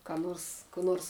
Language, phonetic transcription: Lithuanian, ka ˈnors kų ˈnors

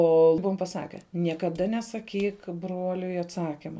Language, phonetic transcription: Lithuanian, ˈo ˈbuvom paˈsake niekaˈda nesaˈkyk ˈbruoliui atˈsakima

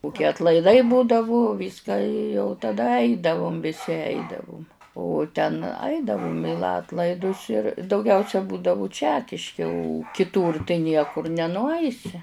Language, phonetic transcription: Lithuanian, kuˈkie atlaiˈdai ˈbūdavu ˈvyską i jau taˈda ˈaidavum viˈsi ˈaidavum o ten ˈaidavum i ˈlatlaidus ir dauˈgiausia ˈbūdavu ˈčekiški o kiˈtūr tai ˈniekur nenuˈaisi

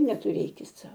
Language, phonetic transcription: Lithuanian, netuˈrėkit ˈsau

